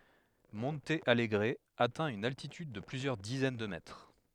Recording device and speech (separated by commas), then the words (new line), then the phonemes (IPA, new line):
headset microphone, read sentence
Monte Alegre atteint une altitude de plusieurs dizaines de mètres.
mɔ̃t alɡʁ atɛ̃ yn altityd də plyzjœʁ dizɛn də mɛtʁ